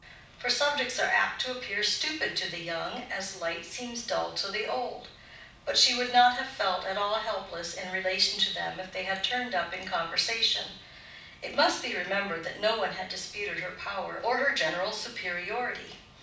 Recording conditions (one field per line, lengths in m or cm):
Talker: one person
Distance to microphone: 5.8 m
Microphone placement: far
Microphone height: 1.8 m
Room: medium-sized (5.7 m by 4.0 m)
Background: none